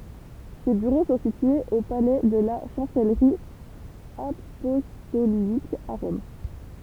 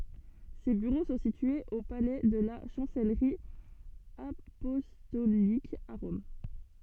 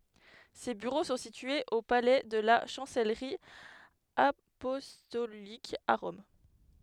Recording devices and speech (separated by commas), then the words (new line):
temple vibration pickup, soft in-ear microphone, headset microphone, read sentence
Ses bureaux sont situés au palais de la Chancellerie apostolique à Rome.